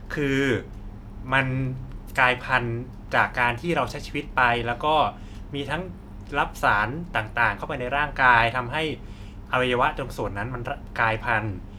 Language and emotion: Thai, neutral